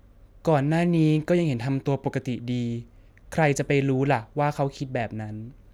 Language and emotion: Thai, neutral